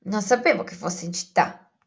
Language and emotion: Italian, surprised